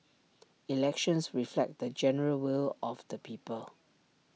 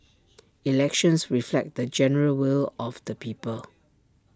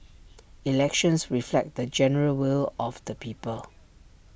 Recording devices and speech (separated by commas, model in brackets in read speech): mobile phone (iPhone 6), standing microphone (AKG C214), boundary microphone (BM630), read sentence